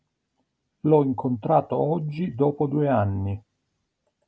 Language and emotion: Italian, neutral